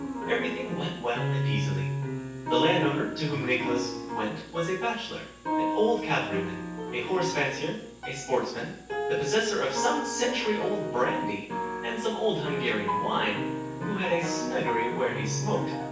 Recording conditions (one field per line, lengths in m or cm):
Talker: one person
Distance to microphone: 9.8 m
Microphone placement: far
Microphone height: 1.8 m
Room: large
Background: music